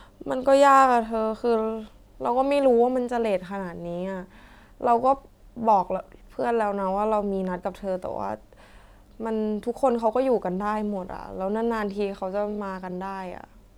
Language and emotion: Thai, sad